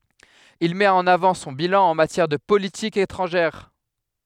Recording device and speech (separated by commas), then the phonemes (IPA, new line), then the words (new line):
headset microphone, read sentence
il mɛt ɑ̃n avɑ̃ sɔ̃ bilɑ̃ ɑ̃ matjɛʁ də politik etʁɑ̃ʒɛʁ
Il met en avant son bilan en matière de politique étrangère.